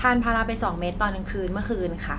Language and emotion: Thai, neutral